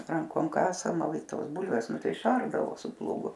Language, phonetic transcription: Lithuanian, ˈrankom ˈkasama ˈva i ˈtos ˈbulvės ˈnu ˈtai iˈšardavo su plūgu

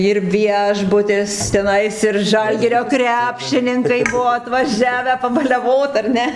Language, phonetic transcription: Lithuanian, ir ˈviešbutis teˈnais ir ˈžalgirio ˈkrepšininkai ˈbuo atvaˈžiavę pabaliaˈvot ar ˈne

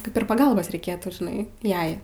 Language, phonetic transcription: Lithuanian, ˈkaip ir paˈgalbos reiˈkėtų žiˈnai ˈjai

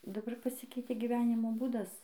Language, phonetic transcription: Lithuanian, daˈbar paˈsikeitė gyˈvenimo ˈbūdas

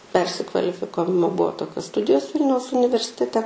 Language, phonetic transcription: Lithuanian, ˈpersikvalifikavimo ˈbuo ˈtokios ˈstudijos ˈvilniaus universiteˈte

